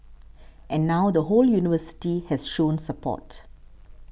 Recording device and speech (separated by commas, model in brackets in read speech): boundary microphone (BM630), read sentence